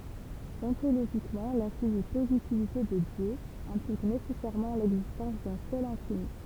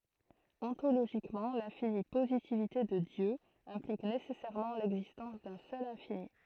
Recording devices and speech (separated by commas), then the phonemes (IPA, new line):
temple vibration pickup, throat microphone, read sentence
ɔ̃toloʒikmɑ̃ lɛ̃fini pozitivite də djø ɛ̃plik nesɛsɛʁmɑ̃ lɛɡzistɑ̃s dœ̃ sœl ɛ̃fini